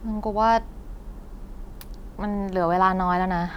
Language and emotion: Thai, frustrated